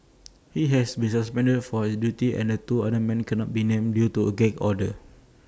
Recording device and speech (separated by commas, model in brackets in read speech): standing microphone (AKG C214), read sentence